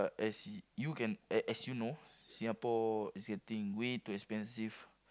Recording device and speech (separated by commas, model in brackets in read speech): close-talking microphone, conversation in the same room